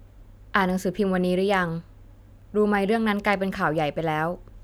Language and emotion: Thai, neutral